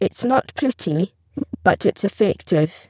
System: VC, spectral filtering